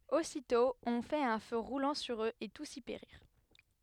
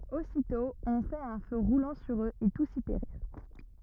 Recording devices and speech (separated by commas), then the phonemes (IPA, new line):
headset microphone, rigid in-ear microphone, read sentence
ositɔ̃ ɔ̃ fɛt œ̃ fø ʁulɑ̃ syʁ øz e tus i peʁiʁ